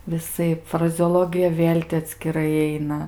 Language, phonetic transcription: Lithuanian, viˈsaip frazeoˈlogija ˈvėl' ti atskiˈrai ˈaina

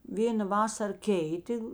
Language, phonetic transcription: Lithuanian, ˈvėna ˈvasar ˈkeitė

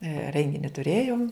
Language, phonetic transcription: Lithuanian, ˈrengini tuˈrėjom

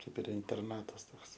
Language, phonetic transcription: Lithuanian, ˈkaip ir interˈnatas ˈtoks

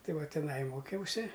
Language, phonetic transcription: Lithuanian, ˈtai ˈva tiˈnai ˈmokiausi

